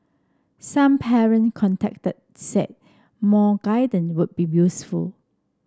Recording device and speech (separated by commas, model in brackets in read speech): standing microphone (AKG C214), read sentence